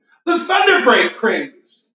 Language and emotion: English, fearful